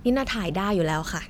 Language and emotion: Thai, neutral